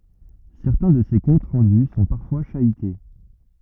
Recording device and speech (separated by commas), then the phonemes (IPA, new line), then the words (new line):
rigid in-ear microphone, read sentence
sɛʁtɛ̃ də se kɔ̃t ʁɑ̃dy sɔ̃ paʁfwa ʃayte
Certains de ces comptes rendus sont parfois chahutés.